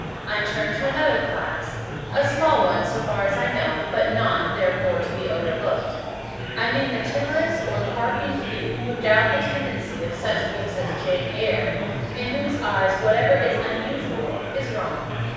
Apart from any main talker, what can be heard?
Crowd babble.